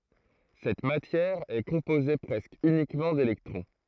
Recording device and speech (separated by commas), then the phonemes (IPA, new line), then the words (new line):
throat microphone, read sentence
sɛt matjɛʁ ɛ kɔ̃poze pʁɛskə ynikmɑ̃ delɛktʁɔ̃
Cette matière est composée presque uniquement d’électrons.